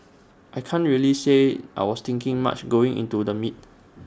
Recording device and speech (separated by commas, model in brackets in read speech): standing microphone (AKG C214), read sentence